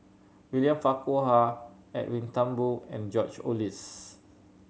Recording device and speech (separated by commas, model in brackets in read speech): mobile phone (Samsung C7100), read sentence